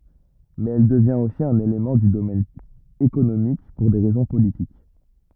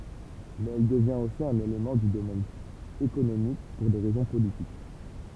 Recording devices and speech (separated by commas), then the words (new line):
rigid in-ear microphone, temple vibration pickup, read sentence
Mais elle devient aussi un élément du domaine économique pour des raisons politiques.